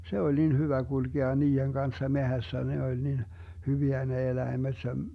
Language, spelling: Finnish, se oli niin hyvä kulkea niiden kanssa metsässä ne oli niin hyviä ne eläimet -
- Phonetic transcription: 'se oĺ nin 'hyvä 'GulGea 'nii₍eŋ Ganssa 'mehässä ne oĺ nin , 'hyviä ne 'eläimeD sem- , .

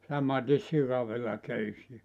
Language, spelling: Finnish, samaten sikavillaköysiä
- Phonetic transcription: 'samatis 'sikavillaköysi₍ä .

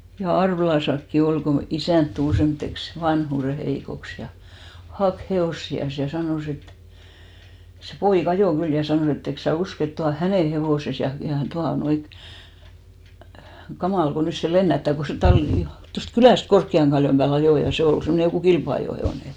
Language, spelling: Finnish, ja Arvelassakin oli kun isäntä tuli semmoiseksi vanhuuden heikoksi ja haki hevosiansa ja sanoi että se poika ajoi kyllä ja sanoi että etkös sinä usko että tuo on hänen hevosensa ja ja tuota noin kamala kun nyt se lennättää kun se talli tuosta kylästä Korkean kallion päälle ajoi ja se oli semmoinen joku kilpa-ajohevonen
- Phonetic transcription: ja 'Arvᵉlasakki 'ol ko , 'isä̀nt tul semmᵒtteks , 'vanhùre 'heikoks ja , 'hak 'he₍òssi₍as ja 'sanòs ‿et , se 'poi"k ‿ajò 'kyl ja 'sanò e't ‿eks sä "usk ‿et 'tua on̬ "hänen 'hevòses ja , ja 'tuanoi , 'kamàl ɢo 'nys se "lennättä̀ ko se 'talli , tost 'kylä̀st 'Korkki₍aŋ ɢaljom ʙää'l ‿ajò ja 'se ol semmone 'jokù "kilpa₍ajò'he₍òne .

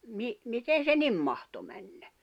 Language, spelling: Finnish, - miten se niin mahtoi mennä
- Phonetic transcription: mi- , 'miten̬ se "nim mahto mänɴᴀ̈ ?

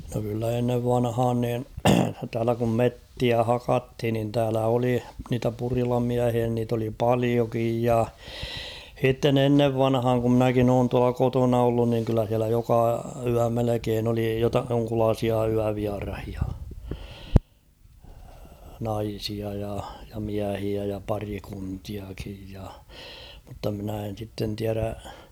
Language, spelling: Finnish, no kyllä ennen vanhaan niin täällä kun metsiä hakattiin niin täällä oli niitä purilamiehiä niitä oli paljokin ja sitten ennen vanhaan kun minäkin olen tuolla kotona ollut niin kyllä siellä joka yö melkein oli - jonkunlaisia yövieraita naisia ja ja miehiä ja pariskuntiakin ja mutta minä en sitten tiedä
- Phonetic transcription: no kyllä ennev 'vanhaan niin , täälä kum "mettiä "hakathin nin täälä 'oli niitä 'purilamiähiä niit ‿oli "paliokij ja , 'h̬itten ‿ennev 'vanhaaŋ ku ‿mnäkin ‿oon tuala 'kotona ollun niŋ kyllä h̬iälä 'joka 'yä melekeen ‿oli jota- joŋkulaasia 'yäviarahia , 'naisia ja , ja 'miähiä ja 'parikuntiakij ja , mutta mᵎnä̀ en̬ sitten 'tiärä ...

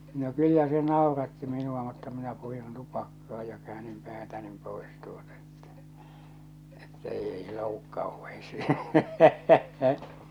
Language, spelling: Finnish, no kyllä se nauratti minua mutta minä purin tupakkaa ja käänsin päätäni pois tuota että että ei joudu kauheisiin
- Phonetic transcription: no 'kyllä se 'nàoratti minu₍a mutta minä purin 'tupakkaa ja käänim 'päätänim 'pòes tuota ᴇttᴀ̈ , että 'ei , jòuvvuk kàoheisii .

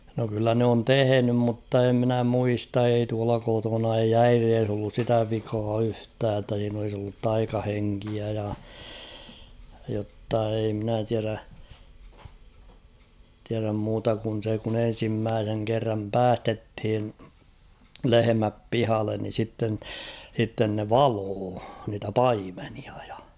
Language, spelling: Finnish, no kyllä ne on tehnyt mutta en minä muista ei tuolla kotona ei äidissä ollut sitä vikaa yhtään että siinä olisi ollut taikahenkeä ja jotta ei minä tiedä tiedä muuta kuin se kun ensimmäisen kerran päästettiin lehmät pihalle niin sitten sitten ne valoi niitä paimenia ja
- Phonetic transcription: no kyllä n ‿oon "tehenym mutta e ‿mnä 'muista ei tuala 'kotona ei "äirees ‿ollus 'sitä vikaa 'yhtää ‿ttä siin ‿olis ‿ollut 'taikaheŋkiä ja , jotta ei mnä 'tiärä , tiäräm 'muuta' kun̬ se kun ‿'en̬simmääseŋ kerram "päästethin , "lehemäp "pihallen ni 'sitten , sitten ne "valoo niitä "paimenia ᴊᴀ .

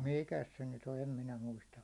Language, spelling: Finnish, mikäs se nyt on en minä muista
- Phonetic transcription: 'mikäs se 'nyt ‿o 'em 'minä muista .

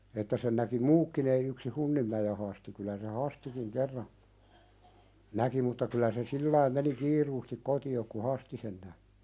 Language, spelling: Finnish, että sen näki muutkin ei yksin Hunninmäen Hasti kyllä se Hastikin kerran näki mutta kyllä se sillä lailla meni kiireesti kotiin kun Hasti sen näki
- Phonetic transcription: että sen näki "muukkin ‿ei yksi 'Hunnimmäje Hasti kylä se "Hastikiŋ 'kerra , 'näki mutta kylä se "sillaim meni 'kiiruustik koti₍ok ku "Hasti sen nä[ki] .

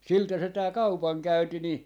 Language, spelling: Finnish, siltä se tämä kaupankäynti niin
- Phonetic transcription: 'siltä se 'tää "kaupaŋkäynti ni ,.

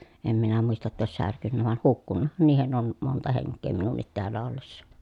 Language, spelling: Finnish, en minä muista jotta olisi särkynyt vain hukkunuthan niihin on monta henkeä minunkin täällä ollessa
- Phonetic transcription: em minä muista ‿tta òes särkynnä vàen hukkunnahan niihen ‿on , monta heŋk̆kee minunnit teällä ollessa .

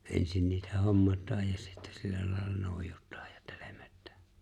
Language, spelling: Finnish, ensin niitä hommataan ja sitten sillä lailla noidutaan ja telmitään
- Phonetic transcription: '’e̬nsin niitä 'hommat̆taaj ja sittᴀ̈ 'sillä lài̬lla 'nòi̬jᴜt̆tᴀᴀᴊ ᴊᴀ 'tᴇʟᴇᴍ(ᴇ)t̆tᴀ̈ᴀ̈ .

